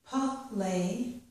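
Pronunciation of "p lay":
'Play' is pronounced incorrectly here: the p sound and the l sound are split apart instead of being said right next to each other.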